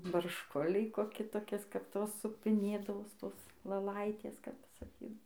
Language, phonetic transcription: Lithuanian, baršˈkuliai koˈki toˈkis kap ˈtos supiˈnėdavos ˈtos lɘˈlaitės kap saˈkydav

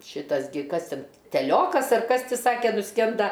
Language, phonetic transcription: Lithuanian, ˈšytas gi ˈkas ˈten teˈliokas ar ˈkas ˈti ˈsake nuˈskenda

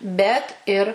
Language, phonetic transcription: Lithuanian, ˈbet ir

